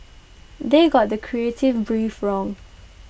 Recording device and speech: boundary microphone (BM630), read sentence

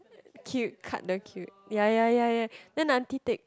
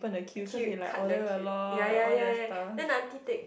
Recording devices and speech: close-talking microphone, boundary microphone, conversation in the same room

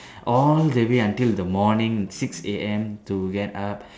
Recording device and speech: standing microphone, conversation in separate rooms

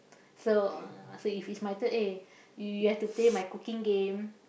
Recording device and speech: boundary microphone, conversation in the same room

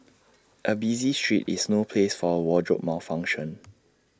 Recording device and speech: standing microphone (AKG C214), read sentence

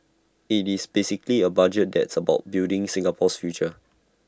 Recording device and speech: standing microphone (AKG C214), read sentence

